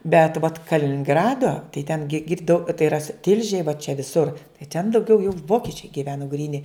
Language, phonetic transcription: Lithuanian, bet vat kalininˈgrado tai ten gi ˈgirdau tai iˈra su ˈtilžėj va čia viˈsur tai ten dauˈgiau jau ˈvokičiai giˈvenu gryˈni

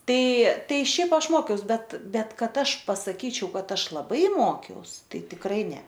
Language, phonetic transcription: Lithuanian, ˈtai ˈtai ˈšiaip ˈaš ˈmokiaus ˈbet ˈbet ˈkad ˈaš pasaˈkyčiau ˈkad ˈaš laˈbai ˈmokiaus ˈtai tikˈrai ˈne

